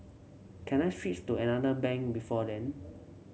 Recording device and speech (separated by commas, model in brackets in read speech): mobile phone (Samsung C7), read sentence